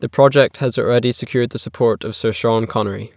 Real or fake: real